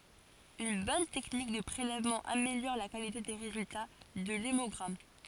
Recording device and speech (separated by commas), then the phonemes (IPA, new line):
forehead accelerometer, read sentence
yn bɔn tɛknik də pʁelɛvmɑ̃ ameljɔʁ la kalite de ʁezylta də lemɔɡʁam